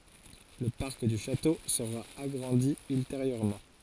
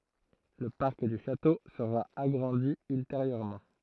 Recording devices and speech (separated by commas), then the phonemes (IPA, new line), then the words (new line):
forehead accelerometer, throat microphone, read sentence
lə paʁk dy ʃato səʁa aɡʁɑ̃di ylteʁjøʁmɑ̃
Le parc du château sera agrandi ultérieurement.